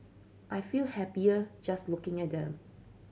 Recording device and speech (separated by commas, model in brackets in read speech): mobile phone (Samsung C7100), read sentence